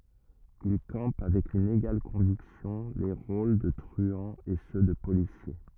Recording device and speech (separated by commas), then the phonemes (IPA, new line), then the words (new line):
rigid in-ear microphone, read sentence
il kɑ̃p avɛk yn eɡal kɔ̃viksjɔ̃ le ʁol də tʁyɑ̃z e sø də polisje
Il campe avec une égale conviction les rôles de truands et ceux de policiers.